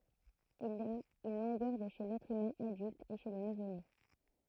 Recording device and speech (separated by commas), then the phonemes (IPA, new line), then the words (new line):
throat microphone, read sentence
il a yn lɔ̃ɡœʁ də ʃe lɛtʁ ymɛ̃ adylt e ʃe lə nuvone
Il a une longueur de chez l'être humain adulte et chez le nouveau-né.